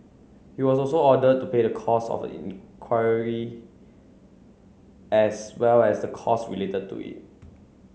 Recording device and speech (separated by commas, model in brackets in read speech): mobile phone (Samsung C9), read sentence